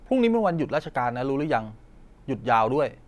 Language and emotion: Thai, neutral